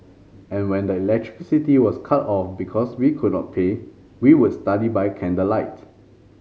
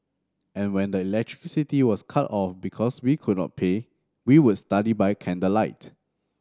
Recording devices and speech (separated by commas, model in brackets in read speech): mobile phone (Samsung C5010), standing microphone (AKG C214), read sentence